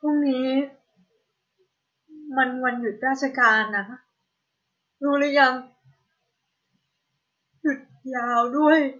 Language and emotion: Thai, sad